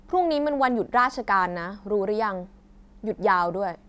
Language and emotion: Thai, angry